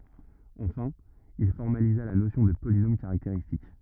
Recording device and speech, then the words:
rigid in-ear microphone, read sentence
Enfin, il formalisa la notion de polynôme caractéristique.

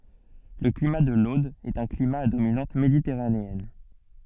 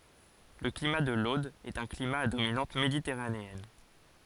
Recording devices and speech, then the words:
soft in-ear microphone, forehead accelerometer, read sentence
Le climat de l’Aude est un climat à dominante méditerranéenne.

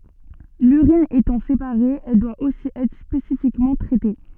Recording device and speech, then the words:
soft in-ear microphone, read sentence
L'urine étant séparée, elle doit aussi être spécifiquement traitée.

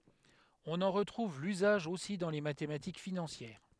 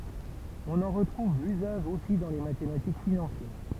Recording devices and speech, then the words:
headset microphone, temple vibration pickup, read sentence
On en retrouve l'usage aussi dans les mathématiques financières.

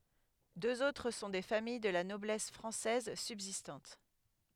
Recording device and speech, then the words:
headset microphone, read sentence
Deux autres sont des familles de la noblesse française subsistantes.

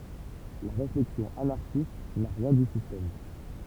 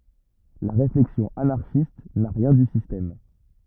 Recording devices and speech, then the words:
temple vibration pickup, rigid in-ear microphone, read sentence
La réflexion anarchiste n'a rien du système.

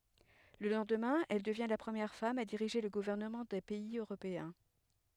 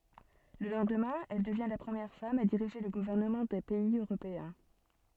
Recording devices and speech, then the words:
headset microphone, soft in-ear microphone, read sentence
Le lendemain, elle devient la première femme à diriger le gouvernement d'un pays européen.

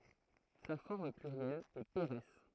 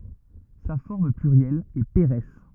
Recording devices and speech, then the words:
throat microphone, rigid in-ear microphone, read sentence
Sa forme plurielle est pérès.

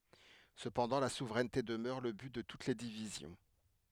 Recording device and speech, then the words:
headset microphone, read sentence
Cependant, la souveraineté demeure le but de toutes les divisions.

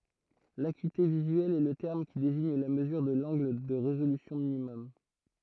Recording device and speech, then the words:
throat microphone, read sentence
L’acuité visuelle est le terme qui désigne la mesure de l’angle de résolution minimum.

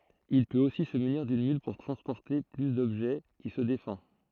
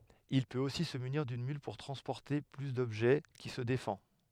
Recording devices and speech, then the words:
throat microphone, headset microphone, read sentence
Il peut aussi se munir d'une mule pour transporter plus d'objets, qui se défend.

